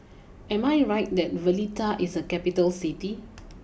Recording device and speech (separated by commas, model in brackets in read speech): boundary microphone (BM630), read sentence